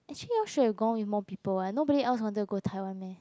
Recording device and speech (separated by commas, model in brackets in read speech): close-talking microphone, conversation in the same room